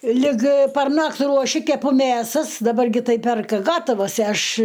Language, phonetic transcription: Lithuanian, lig parˈnakt' ruoˈši keˈpu ˈmėsas daˈbar ˈgi ˈtai ˈperka ˈgatavas ˈaš

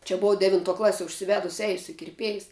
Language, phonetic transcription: Lithuanian, čia ˈbovo ˈdevintuo ˈklasie užsiˈvedus ˈeisiu i kirˈpiejs

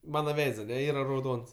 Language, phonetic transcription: Lithuanian, ˈmana ˈveids aˈne ˈyra rauˈdons

